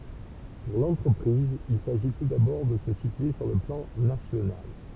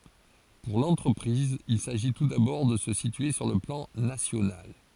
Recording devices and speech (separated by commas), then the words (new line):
temple vibration pickup, forehead accelerometer, read sentence
Pour l'entreprise, il s'agit tout d'abord de se situer sur le plan national.